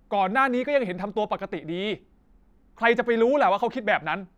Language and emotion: Thai, angry